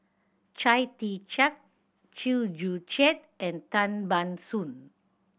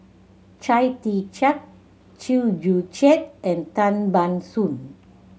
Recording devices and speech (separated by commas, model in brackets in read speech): boundary microphone (BM630), mobile phone (Samsung C7100), read sentence